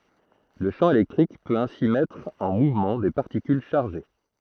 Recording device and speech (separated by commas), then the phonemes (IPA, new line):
throat microphone, read sentence
lə ʃɑ̃ elɛktʁik pøt ɛ̃si mɛtʁ ɑ̃ muvmɑ̃ de paʁtikyl ʃaʁʒe